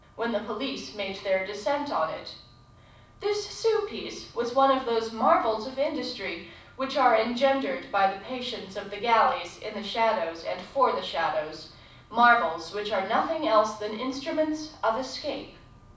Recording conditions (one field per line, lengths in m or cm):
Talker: one person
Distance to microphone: 5.8 m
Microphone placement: far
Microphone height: 1.8 m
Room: medium-sized (5.7 m by 4.0 m)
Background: none